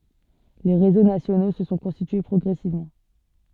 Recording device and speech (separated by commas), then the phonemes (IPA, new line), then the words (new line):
soft in-ear microphone, read sentence
le ʁezo nasjono sə sɔ̃ kɔ̃stitye pʁɔɡʁɛsivmɑ̃
Les réseaux nationaux se sont constitués progressivement.